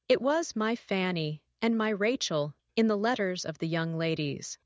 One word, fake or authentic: fake